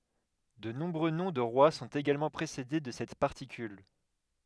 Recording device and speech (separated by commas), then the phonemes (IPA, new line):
headset microphone, read sentence
də nɔ̃bʁø nɔ̃ də ʁwa sɔ̃t eɡalmɑ̃ pʁesede də sɛt paʁtikyl